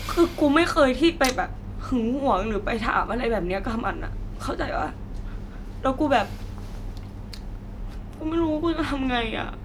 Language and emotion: Thai, sad